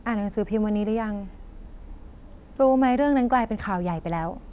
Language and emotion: Thai, neutral